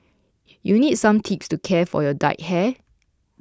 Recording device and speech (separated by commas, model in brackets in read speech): close-talking microphone (WH20), read sentence